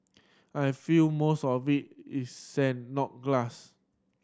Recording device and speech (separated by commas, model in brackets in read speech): standing microphone (AKG C214), read sentence